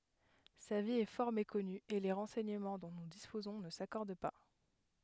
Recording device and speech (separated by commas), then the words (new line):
headset microphone, read sentence
Sa vie est fort méconnue et les renseignements dont nous disposons ne s'accordent pas.